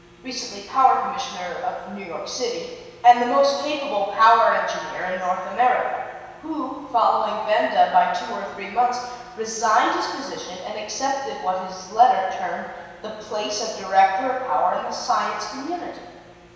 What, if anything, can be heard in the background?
Nothing.